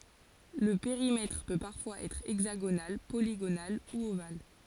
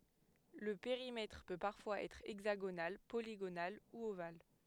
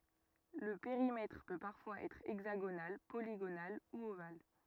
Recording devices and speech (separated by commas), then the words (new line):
forehead accelerometer, headset microphone, rigid in-ear microphone, read sentence
Le périmètre peut parfois être hexagonal, polygonal ou ovale.